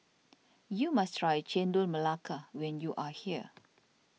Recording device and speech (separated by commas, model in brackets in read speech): mobile phone (iPhone 6), read sentence